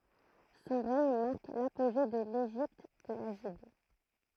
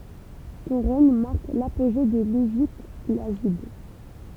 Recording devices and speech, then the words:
throat microphone, temple vibration pickup, read sentence
Son règne marque l'apogée de l'Égypte lagide.

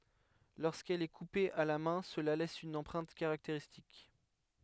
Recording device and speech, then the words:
headset microphone, read sentence
Lorsqu'elle est coupée à la main cela laisse une empreinte caractéristique.

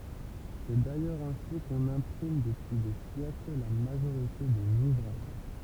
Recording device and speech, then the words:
temple vibration pickup, read sentence
C'est d'ailleurs ainsi qu'on imprime depuis des siècles la majorité des ouvrages.

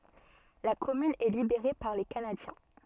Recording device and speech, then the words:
soft in-ear microphone, read sentence
La commune est libérée par les Canadiens.

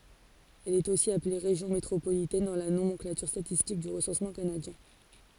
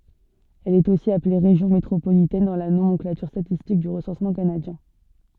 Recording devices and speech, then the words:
forehead accelerometer, soft in-ear microphone, read sentence
Elle est aussi appelée région métropolitaine dans la nomenclature statistique du recensement canadien.

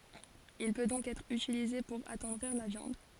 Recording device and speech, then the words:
forehead accelerometer, read sentence
Il peut donc être utilisé pour attendrir la viande.

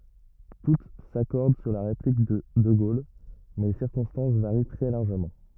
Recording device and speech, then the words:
rigid in-ear microphone, read sentence
Toutes s'accordent sur la réplique de de Gaulle, mais les circonstances varient très largement.

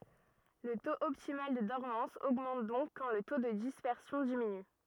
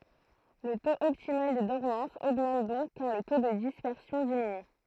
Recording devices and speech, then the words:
rigid in-ear microphone, throat microphone, read sentence
Le taux optimal de dormance augmente donc quand le taux de dispersion diminue.

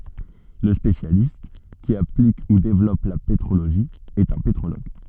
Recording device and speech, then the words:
soft in-ear microphone, read sentence
Le spécialiste qui applique ou développe la pétrologie est un pétrologue.

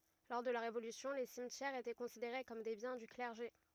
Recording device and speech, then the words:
rigid in-ear microphone, read sentence
Lors de la Révolution, les cimetières étaient considérés comme des biens du clergé.

